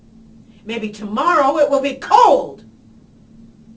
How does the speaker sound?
angry